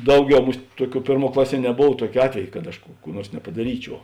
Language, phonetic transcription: Lithuanian, ˈdauˌgiau ˈmusˈtˈ ˈtuoˌkių ˈpėrˌmuo ˈklaˌsie neˈbov ˈtuokė ˈatvej kad aš ˈkų kų ˈnuors nepadaˈryˌčiuo

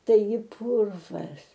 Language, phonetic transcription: Lithuanian, taiˈgi ˈpurvas

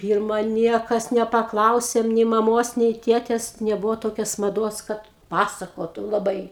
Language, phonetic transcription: Lithuanian, ˈpyrma ˈniekas nepaˈklausėm nei maˈmos nei ˈtėtes neˈbuvo ˈtokias maˈduos ˈkad ˈpasakotu laˈbai

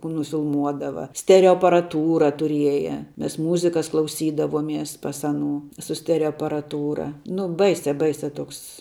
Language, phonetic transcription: Lithuanian, kų nufilˈmuodava ˈstereo aparaˈtūra tuˈrieja ˈmes ˈmūzikas klauˈsydavomies ˈpas aˈnū su ˈstereo aparaˈtūra ˈnu ˈbaisia ˈbaisia ˈtoks

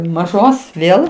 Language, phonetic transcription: Lithuanian, maˈžos ˈvėl

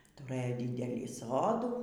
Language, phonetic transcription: Lithuanian, tuˈrɘjo ˈdydelį ˈsodų

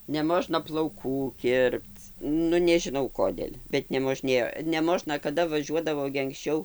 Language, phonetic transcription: Lithuanian, neˈmožna plauˈkų ˈkirpc ˈnu nežiˈnau ˈkodėl' bet nemoˈžnėjo neˈmožna kaˈda vaˈžiuodavo gi anksˈčiau

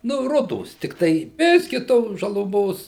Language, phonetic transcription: Lithuanian, nu ˈrudos tikˈtai ˈbiski ˈtos žaluˈmos

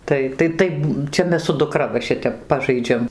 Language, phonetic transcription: Lithuanian, ˈtai tai ˈtaip ˈčia ˈmes su duˈkra va ˈšitep ˈpažaidžiam

